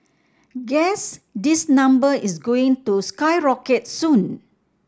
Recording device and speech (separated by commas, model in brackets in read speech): standing microphone (AKG C214), read sentence